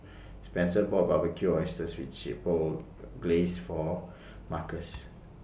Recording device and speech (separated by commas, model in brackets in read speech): boundary microphone (BM630), read sentence